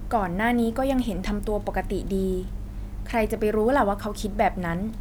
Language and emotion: Thai, neutral